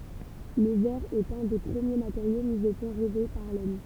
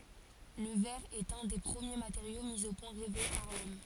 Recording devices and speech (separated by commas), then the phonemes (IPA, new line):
temple vibration pickup, forehead accelerometer, read sentence
lə vɛʁ ɛt œ̃ de pʁəmje mateʁjo mi o pwɛ̃ ʁɛve paʁ lɔm